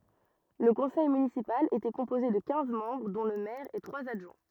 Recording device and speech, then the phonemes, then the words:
rigid in-ear microphone, read sentence
lə kɔ̃sɛj mynisipal etɛ kɔ̃poze də kɛ̃z mɑ̃bʁ dɔ̃ lə mɛʁ e tʁwaz adʒwɛ̃
Le conseil municipal était composé de quinze membres, dont le maire et trois adjoints.

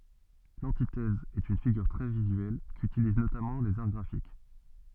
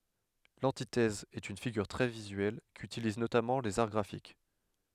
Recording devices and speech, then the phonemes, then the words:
soft in-ear microphone, headset microphone, read sentence
lɑ̃titɛz ɛt yn fiɡyʁ tʁɛ vizyɛl kytiliz notamɑ̃ lez aʁ ɡʁafik
L'antithèse est une figure très visuelle, qu'utilisent notamment les Arts graphiques.

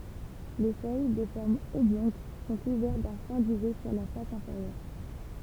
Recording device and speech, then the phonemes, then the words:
temple vibration pickup, read sentence
le fœj də fɔʁm ɔblɔ̃ɡ sɔ̃ kuvɛʁt dœ̃ fɛ̃ dyvɛ syʁ la fas ɛ̃feʁjœʁ
Les feuilles de forme oblongue sont couvertes d'un fin duvet sur la face inférieure.

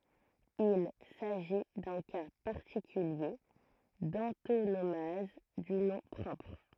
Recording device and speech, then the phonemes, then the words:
throat microphone, read sentence
il saʒi dœ̃ ka paʁtikylje dɑ̃tonomaz dy nɔ̃ pʁɔpʁ
Il s'agit d'un cas particulier d'antonomase du nom propre.

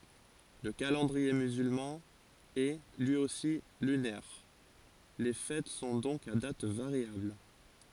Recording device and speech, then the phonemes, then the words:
forehead accelerometer, read sentence
lə kalɑ̃dʁie myzylmɑ̃ ɛ lyi osi lynɛʁ le fɛt sɔ̃ dɔ̃k a dat vaʁjabl
Le calendrier musulman est, lui aussi, lunaire, les fêtes sont donc à date variable.

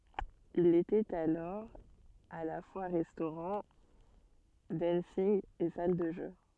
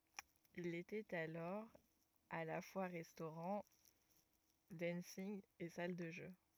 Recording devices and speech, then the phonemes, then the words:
soft in-ear microphone, rigid in-ear microphone, read sentence
il etɛt alɔʁ a la fwa ʁɛstoʁɑ̃ dɑ̃nsinɡ e sal də ʒø
Il était alors à la fois restaurant, dancing et salle de jeux.

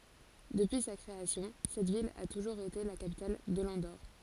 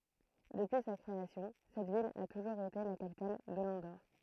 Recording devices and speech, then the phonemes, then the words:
forehead accelerometer, throat microphone, read sentence
dəpyi sa kʁeasjɔ̃ sɛt vil a tuʒuʁz ete la kapital də lɑ̃doʁ
Depuis sa création, cette ville a toujours été la capitale de l'Andorre.

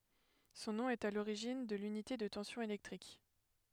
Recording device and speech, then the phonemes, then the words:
headset microphone, read sentence
sɔ̃ nɔ̃ ɛt a loʁiʒin də lynite də tɑ̃sjɔ̃ elɛktʁik
Son nom est à l'origine de l'unité de tension électrique.

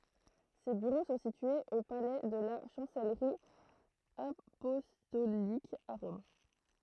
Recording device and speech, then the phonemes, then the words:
throat microphone, read sentence
se byʁo sɔ̃ sityez o palɛ də la ʃɑ̃sɛlʁi apɔstolik a ʁɔm
Ses bureaux sont situés au palais de la Chancellerie apostolique à Rome.

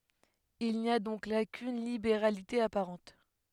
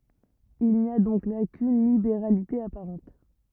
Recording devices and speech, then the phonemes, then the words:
headset microphone, rigid in-ear microphone, read sentence
il ni a dɔ̃k la kyn libeʁalite apaʁɑ̃t
Il n'y a donc là qu'une libéralité apparente.

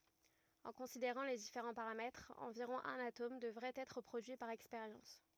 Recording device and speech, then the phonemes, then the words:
rigid in-ear microphone, read sentence
ɑ̃ kɔ̃sideʁɑ̃ le difeʁɑ̃ paʁamɛtʁz ɑ̃viʁɔ̃ œ̃n atom dəvʁɛt ɛtʁ pʁodyi paʁ ɛkspeʁjɑ̃s
En considérant les différents paramètres, environ un atome devrait être produit par expérience.

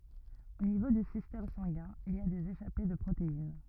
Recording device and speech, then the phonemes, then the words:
rigid in-ear microphone, read sentence
o nivo dy sistɛm sɑ̃ɡɛ̃ il i a dez eʃape də pʁotein
Au niveau du système sanguin, il y a des échappées de protéines.

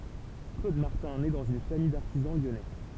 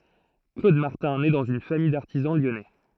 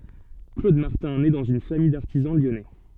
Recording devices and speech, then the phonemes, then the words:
temple vibration pickup, throat microphone, soft in-ear microphone, read sentence
klod maʁtɛ̃ nɛ dɑ̃z yn famij daʁtizɑ̃ ljɔnɛ
Claude Martin naît dans une famille d'artisans lyonnais.

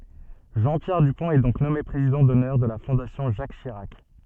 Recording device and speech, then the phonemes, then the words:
soft in-ear microphone, read sentence
ʒɑ̃ pjɛʁ dypɔ̃t ɛ dɔ̃k nɔme pʁezidɑ̃ dɔnœʁ də la fɔ̃dasjɔ̃ ʒak ʃiʁak
Jean-Pierre Dupont est donc nommé président d'honneur de la Fondation Jacques Chirac.

